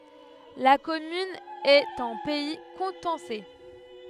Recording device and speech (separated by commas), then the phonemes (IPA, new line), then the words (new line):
headset microphone, read sentence
la kɔmyn ɛt ɑ̃ pɛi kutɑ̃sɛ
La commune est en pays coutançais.